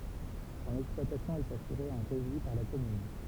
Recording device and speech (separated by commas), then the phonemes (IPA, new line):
temple vibration pickup, read sentence
sɔ̃n ɛksplwatasjɔ̃ ɛt asyʁe ɑ̃ ʁeʒi paʁ la kɔmyn